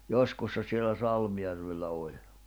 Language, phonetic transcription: Finnish, joskussa sielä 'Salmjärvellä 'oĺ .
- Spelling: joskus siellä Salmijärvellä oli

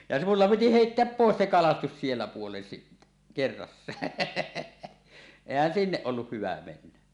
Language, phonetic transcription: Finnish, ja 'mulla piti "heitteäp 'pòes se "kalastus 'siellä puolen sittä , 'kerrassaa , 'èihän "sinneˀ ˀolluh hyvä 'mennä .
- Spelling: ja minulla piti heittää pois se kalastus siellä puolen sitten kerrassaan eihän sinne ollut hyvä mennä

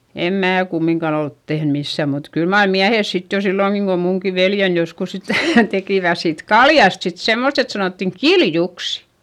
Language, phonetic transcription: Finnish, em mää kummiŋkan ‿olt tehn missä̀ mut kyl mar miähes sit jo sillòŋki kom muŋki veljen joskus sitä̀ , tekìvä siit kaljast sit semmost ‿et sanòttiŋ "kil"juks .
- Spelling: en minä kumminkaan ole tehnyt missään mutta kyllä mar miehet sitten jo silloinkin kun minunkin veljeni joskus sitä tekivät siitä kaljasta sitten semmoista että sanottiin kiljuksi

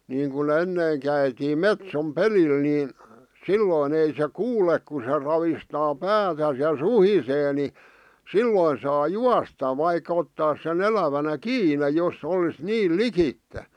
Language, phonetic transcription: Finnish, niiŋku'n ‿ennèⁱŋ käitiim "metsom "pelil 'nìn , "sillòⁱn ‿ei se "kuulek ku se ravistaa "päätäs ja "suhisee ni , "silloin saa "juasta vaikᴀ ottaas se'n ‿elävänä "kiine 'jos'ˢ ‿olis "niil "likitte .
- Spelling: niin kuin ennen käytiin metson pelillä niin silloin ei se kuule kun se ravistaa päätään ja suhisee niin silloin saa juosta vaikka ottaisi sen elävänä kiinni jos olisi niin likitse

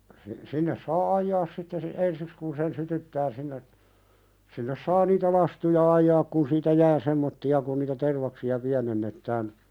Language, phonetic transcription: Finnish, si- , 'sinnes saa "ajjaas sitte si- , "ensiks kun sen 'sytyttää sinne , sinnes 'saa niitä "lastuja 'ajjaak kun siitä "jää semmotti₍a kun niitä "tervaksi₍a 'piänennettään ,.
- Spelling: - sinne saa ajaa sitten - ensiksi kun sen sytyttää sinne sinne saa niitä lastuja ajaa kun siitä jää semmoisia kun niitä tervaksia pienennetään

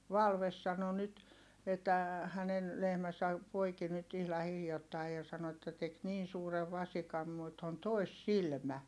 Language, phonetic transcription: Finnish, Valves sano nyt , että , hänen , lehmäsä , poiki nyt ihla hiljottai ja sano että tek niin̬ suurev vasikam mut on tòissilmä .
- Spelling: Valve sanoi nyt että hänen lehmänsä poiki nyt ihan hiljattain ja sanoi että teki niin suuren vasikan mutta on toissilmä

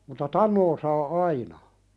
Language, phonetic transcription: Finnish, mutta "tan̆noo saa "aina .
- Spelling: mutta tanoa saa aina

